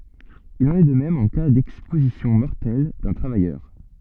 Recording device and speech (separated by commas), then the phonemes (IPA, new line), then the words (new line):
soft in-ear microphone, read sentence
il ɑ̃n ɛ də mɛm ɑ̃ ka dɛkspozisjɔ̃ mɔʁtɛl dœ̃ tʁavajœʁ
Il en est de même en cas d'exposition mortelle d'un travailleur.